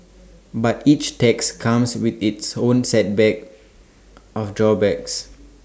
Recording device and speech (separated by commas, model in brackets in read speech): standing microphone (AKG C214), read sentence